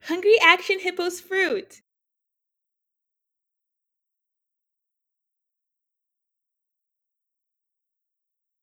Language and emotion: English, happy